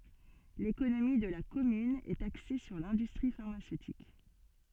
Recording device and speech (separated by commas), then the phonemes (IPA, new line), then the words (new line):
soft in-ear microphone, read sentence
lekonomi də la kɔmyn ɛt akse syʁ lɛ̃dystʁi faʁmasøtik
L'économie de la commune est axée sur l'industrie pharmaceutique.